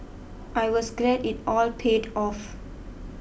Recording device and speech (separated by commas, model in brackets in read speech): boundary microphone (BM630), read sentence